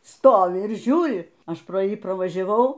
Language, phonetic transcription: Lithuanian, ˈstovi ir ˈžiūri ˈaš pro ˈjį pravažiaˈvau

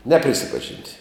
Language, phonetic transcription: Lithuanian, ˈneprisipažint'

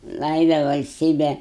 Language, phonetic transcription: Lithuanian, ˈlaida valsˈtybe

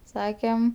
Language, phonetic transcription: Lithuanian, ˈsakem

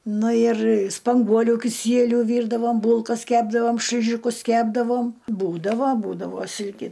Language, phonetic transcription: Lithuanian, ˈnu ir spanˈguoliu kiˈsieliu ˈvyrdavom ˈbūlkas ˈkepdavom šliˈžikus ˈkepdavom ˈbūdavo ˈbūdavo ˈsilki

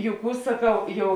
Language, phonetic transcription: Lithuanian, jau ˈkų saˈkau ˈjau

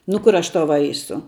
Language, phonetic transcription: Lithuanian, nu ˈkur ˈaš ˈtau ˈvaisu

